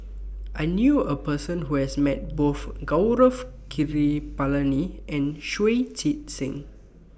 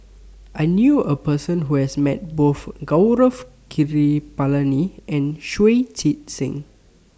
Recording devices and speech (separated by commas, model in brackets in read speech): boundary microphone (BM630), standing microphone (AKG C214), read sentence